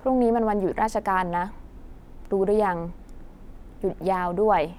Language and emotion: Thai, neutral